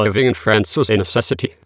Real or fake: fake